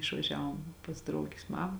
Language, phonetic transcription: Lithuanian, išvaˈžiavom pas ˈdraugis ˈmama

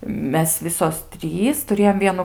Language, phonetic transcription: Lithuanian, ˈmes ˈvisos ˈtrys tuˈrėjom ˈvienu

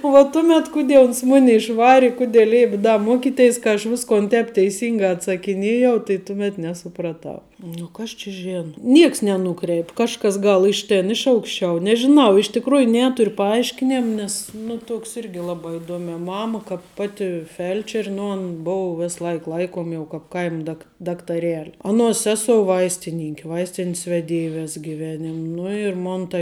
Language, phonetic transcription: Lithuanian, u va ˈtumet ˈkudė uns ˈmuni išˈvari ˈkudė ˈleip' ˈda ˈmokiˌteis kad aš ˈviskon ˈtēp teiˈsingā atsakiˈnėjau tai ˈtumet nesupraˈtau ˈnu kas čia ˈžėno ˈnieks neˈnūkreip' ˈkažkas ˈgal ˈiš ˌtėn ˈiš aukšˌčiau nežiˈnau iš tikˈrųju ˈnėturiu paˈaiškinėm ˈnes ˈnu ˈtuoks ˈirgi ˈlabā iˈduomiā ˈmama kāp ˈpati ˈfelčeri ˈnu an ˈbou ˈvis ˈlaik ˈlaikom ˈjau kāp ˈkaim dak daktaˈreli ˈaˌnuos ˈsesou ˈvaistininki ˈvaistinis veˈdėj ˈvės giˈvenim ˈnu ir ˈmon tai

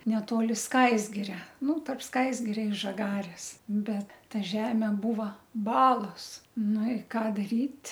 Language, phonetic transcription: Lithuanian, neˈtoli ˈskaisgiria ˈnu tarp ˈskaisgiria i žaˈgarės ˈbet ˈta ˈžemė ˈbūva ˈbalos ˈnu i ˈką daˈryt'

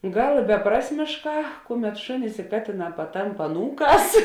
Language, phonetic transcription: Lithuanian, ˈgal i beˈprasmėšˌkā ˈkuˌmet ˈšunis i ˈkatėˌnā paˈtamp aˈnūˌkās

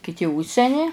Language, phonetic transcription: Lithuanian, kiˈti ˈužseni

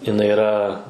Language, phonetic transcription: Lithuanian, jinˈai iˈra

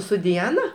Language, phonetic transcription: Lithuanian, su diˈana

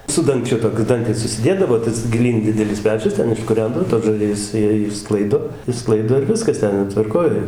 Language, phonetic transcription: Lithuanian, su danˈgčiu toˈkiu ˈdangtis užsiˈdėdavo ˈtas giˈlyn ˈdidelis ˈpečius ˈten iškuˈrendavo tos žaˈrijas ˈjie išˈsklaido išˈsklaido ir ˈviskas ˈten jo tvarˈkoj

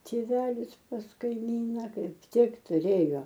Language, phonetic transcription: Lithuanian, tėˈvelis pas kaiˈmyna ˈkaip ˈtik tuˈrėjo

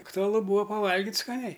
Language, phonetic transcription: Lithuanian, aktuaˈlu ˈbūa paˈvalgit' skaˈniai

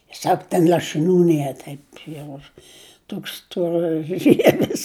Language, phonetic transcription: Lithuanian, ˈsak ten lašɨˈnių ˈnie ˈtaip jau ˈtoks storaˈžievis

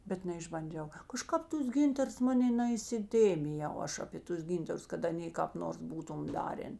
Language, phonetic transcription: Lithuanian, ˈbet neišbanˈdžiau kaˈžkap ˈtus ˈgintars ˈmanė naisiˈtėmijau ˈaš apė ˈtus ˈgyntarus kad aˈnė kāp ˈnors ˈbūtum ˈdarėn

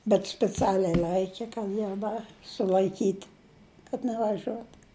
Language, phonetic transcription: Lithuanian, bet spiˈcialiai ˈlaike kad ˈjau ˈda sul'aiˈkyt' kad nevaˈžiuot

